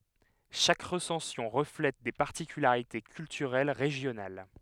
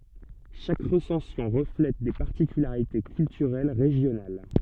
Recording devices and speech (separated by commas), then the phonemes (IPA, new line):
headset microphone, soft in-ear microphone, read sentence
ʃak ʁəsɑ̃sjɔ̃ ʁəflɛt de paʁtikylaʁite kyltyʁɛl ʁeʒjonal